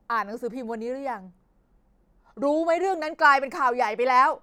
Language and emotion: Thai, frustrated